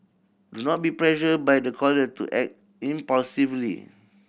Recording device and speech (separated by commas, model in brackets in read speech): boundary microphone (BM630), read sentence